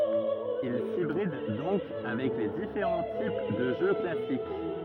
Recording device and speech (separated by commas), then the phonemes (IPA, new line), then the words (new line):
rigid in-ear microphone, read sentence
il sibʁid dɔ̃k avɛk le difeʁɑ̃ tip də ʒø klasik
Il s'hybride donc avec les différents types de jeu classique.